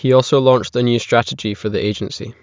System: none